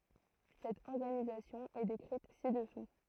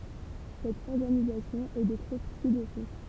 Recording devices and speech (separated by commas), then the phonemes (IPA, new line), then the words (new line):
throat microphone, temple vibration pickup, read sentence
sɛt ɔʁɡanizasjɔ̃ ɛ dekʁit si dəsu
Cette organisation est décrite ci-dessous.